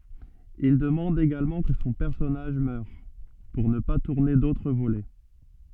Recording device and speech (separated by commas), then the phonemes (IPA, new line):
soft in-ear microphone, read sentence
il dəmɑ̃d eɡalmɑ̃ kə sɔ̃ pɛʁsɔnaʒ mœʁ puʁ nə pa tuʁne dotʁ volɛ